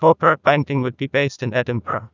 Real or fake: fake